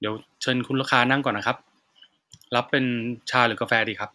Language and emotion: Thai, neutral